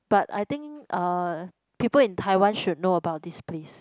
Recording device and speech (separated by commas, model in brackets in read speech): close-talking microphone, conversation in the same room